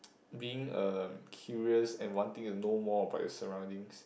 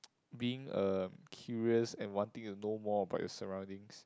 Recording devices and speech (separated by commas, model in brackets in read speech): boundary microphone, close-talking microphone, conversation in the same room